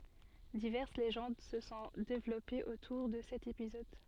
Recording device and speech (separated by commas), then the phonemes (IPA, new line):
soft in-ear microphone, read sentence
divɛʁs leʒɑ̃d sə sɔ̃ devlɔpez otuʁ də sɛt epizɔd